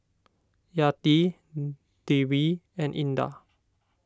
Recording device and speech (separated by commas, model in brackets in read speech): standing microphone (AKG C214), read sentence